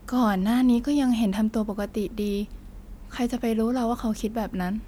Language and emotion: Thai, frustrated